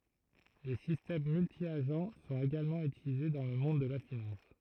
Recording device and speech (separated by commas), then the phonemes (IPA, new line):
throat microphone, read sentence
le sistɛm myltjaʒ sɔ̃t eɡalmɑ̃ ytilize dɑ̃ lə mɔ̃d də la finɑ̃s